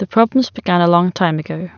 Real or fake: real